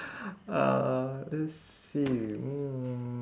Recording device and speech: standing microphone, conversation in separate rooms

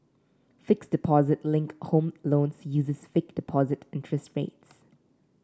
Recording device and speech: standing microphone (AKG C214), read sentence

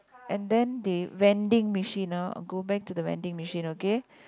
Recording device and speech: close-talking microphone, conversation in the same room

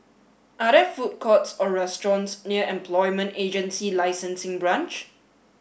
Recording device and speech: boundary microphone (BM630), read sentence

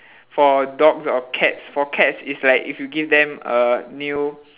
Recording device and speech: telephone, conversation in separate rooms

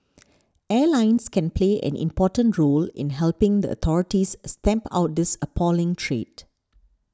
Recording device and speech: standing microphone (AKG C214), read sentence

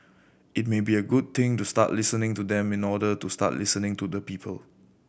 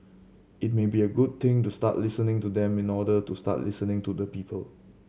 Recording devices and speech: boundary microphone (BM630), mobile phone (Samsung C7100), read sentence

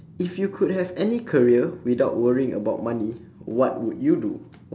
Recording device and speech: standing microphone, conversation in separate rooms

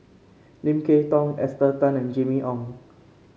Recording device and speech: mobile phone (Samsung C5), read sentence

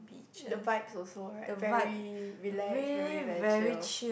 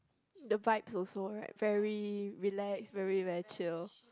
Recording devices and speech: boundary microphone, close-talking microphone, conversation in the same room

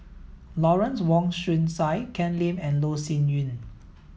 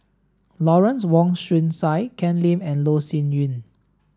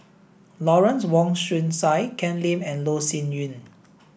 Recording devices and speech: mobile phone (iPhone 7), standing microphone (AKG C214), boundary microphone (BM630), read sentence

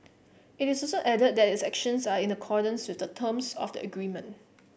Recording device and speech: boundary microphone (BM630), read sentence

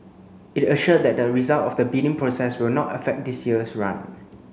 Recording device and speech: mobile phone (Samsung C9), read sentence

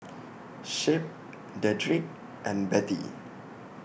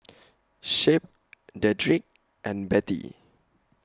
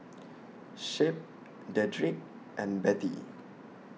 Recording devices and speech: boundary microphone (BM630), close-talking microphone (WH20), mobile phone (iPhone 6), read sentence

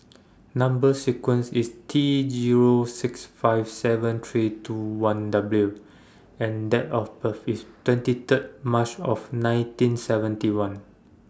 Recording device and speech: standing microphone (AKG C214), read sentence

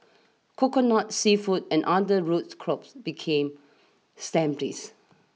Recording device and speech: mobile phone (iPhone 6), read sentence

